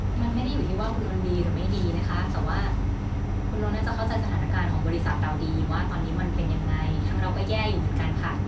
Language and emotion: Thai, neutral